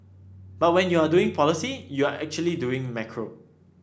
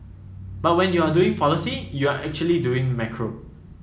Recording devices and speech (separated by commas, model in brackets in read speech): standing microphone (AKG C214), mobile phone (iPhone 7), read sentence